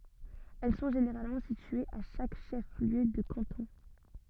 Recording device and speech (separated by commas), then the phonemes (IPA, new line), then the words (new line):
soft in-ear microphone, read sentence
ɛl sɔ̃ ʒeneʁalmɑ̃ sityez a ʃak ʃɛf ljø də kɑ̃tɔ̃
Elles sont généralement situées à chaque chef-lieu de canton.